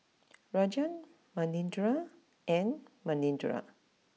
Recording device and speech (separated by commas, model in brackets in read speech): mobile phone (iPhone 6), read sentence